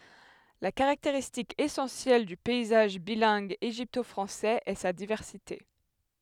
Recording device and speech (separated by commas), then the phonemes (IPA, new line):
headset microphone, read sentence
la kaʁakteʁistik esɑ̃sjɛl dy pɛizaʒ bilɛ̃ɡ eʒipto fʁɑ̃sɛz ɛ sa divɛʁsite